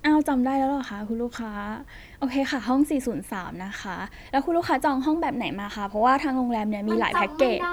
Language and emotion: Thai, frustrated